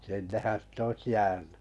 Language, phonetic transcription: Finnish, sinnehän si't ‿oⁱs 'jääny .
- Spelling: sinnehän sitä olisi jäänyt

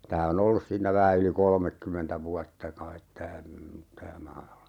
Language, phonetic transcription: Finnish, 'tää o"n ‿ollus siinnä 'vähä yli "kolmekkymmentä 'vuatta kait 'tää , tää 'maa(₍ala) .
- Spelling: tämä on ollut siinä vähän yli kolmekymmentä vuotta kai tämä tämä maa-ala

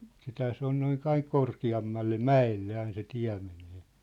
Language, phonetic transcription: Finnish, 'sithää se ‿on noin 'aiŋ 'korki₍ammalle "mä₍elle ain se 'tiä̭ menee .
- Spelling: sittenhän se on noin aina korkeammalle mäelle aina se tie menee

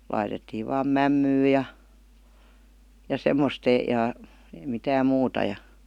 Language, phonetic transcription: Finnish, 'laitettiiv̆ vaam "mämmyy ja , ja "semmost e-'ja , eⁱ "mitääm̆ 'muuta ja .
- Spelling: laitettiin vain mämmiä ja ja semmoista ja ei mitään muuta ja

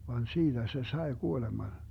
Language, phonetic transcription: Finnish, van 'siiDä se "sae 'kuoleman .
- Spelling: vaan siitä se sai kuoleman

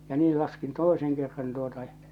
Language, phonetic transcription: Finnish, ja 'nii laskin "toiseŋ kerran tuota ʲᵃ .
- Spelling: ja niin laskin toisen kerran tuota ja

